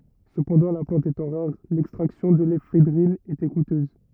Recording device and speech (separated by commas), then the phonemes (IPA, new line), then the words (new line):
rigid in-ear microphone, read sentence
səpɑ̃dɑ̃ la plɑ̃t etɑ̃ ʁaʁ lɛkstʁaksjɔ̃ də lefedʁin etɛ kutøz
Cependant, la plante étant rare, l'extraction de l'éphédrine était coûteuse.